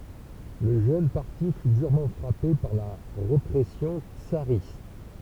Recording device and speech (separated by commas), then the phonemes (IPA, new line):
temple vibration pickup, read sentence
lə ʒøn paʁti fy dyʁmɑ̃ fʁape paʁ la ʁepʁɛsjɔ̃ tsaʁist